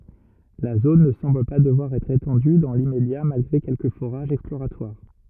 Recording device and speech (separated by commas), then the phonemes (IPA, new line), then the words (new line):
rigid in-ear microphone, read sentence
la zon nə sɑ̃bl pa dəvwaʁ ɛtʁ etɑ̃dy dɑ̃ limmedja malɡʁe kɛlkə foʁaʒz ɛksploʁatwaʁ
La zone ne semble pas devoir être étendue dans l'immédiat malgré quelques forages exploratoires.